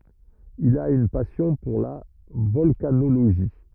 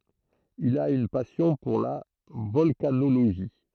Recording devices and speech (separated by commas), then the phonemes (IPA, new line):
rigid in-ear microphone, throat microphone, read sentence
il a yn pasjɔ̃ puʁ la vɔlkanoloʒi